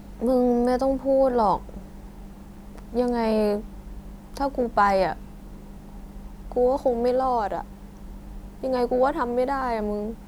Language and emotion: Thai, sad